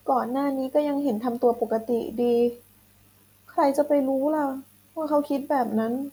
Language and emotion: Thai, sad